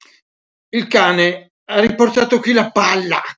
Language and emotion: Italian, angry